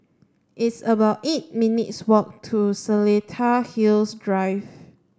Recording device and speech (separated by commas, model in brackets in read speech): standing microphone (AKG C214), read sentence